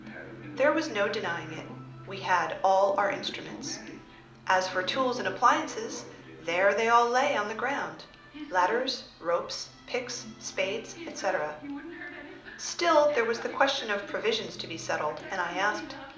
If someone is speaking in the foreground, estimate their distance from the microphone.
2.0 m.